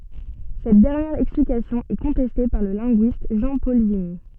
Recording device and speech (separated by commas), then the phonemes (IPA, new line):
soft in-ear microphone, read sentence
sɛt dɛʁnjɛʁ ɛksplikasjɔ̃ ɛ kɔ̃tɛste paʁ lə lɛ̃ɡyist ʒɑ̃pɔl viɲ